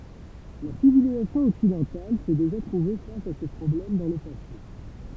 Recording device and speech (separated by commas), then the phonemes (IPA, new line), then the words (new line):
temple vibration pickup, read sentence
la sivilizasjɔ̃ ɔksidɑ̃tal sɛ deʒa tʁuve fas a sə pʁɔblɛm dɑ̃ lə pase
La civilisation occidentale s'est déjà trouvée face à ce problème dans le passé.